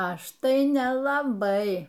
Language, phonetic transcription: Lithuanian, ˈaš tai nelaˈbai

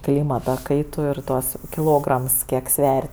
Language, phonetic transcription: Lithuanian, ˈklymata ˈkaitu ir ˈtuos kiˈlograms ˈkiek ˈsver'

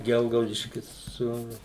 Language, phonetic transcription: Lithuanian, ˈgelgaudiškis su

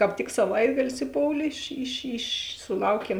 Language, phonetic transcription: Lithuanian, kāp ˈtik saˈvaitagalis iˈpoulė iš iš iš suˈlauˌkiem

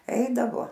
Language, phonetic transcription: Lithuanian, ˈeidavo

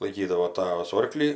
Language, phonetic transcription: Lithuanian, laiˈkydavo ˈtavas ˈorklį

